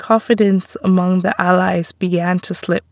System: none